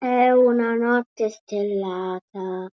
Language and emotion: Italian, sad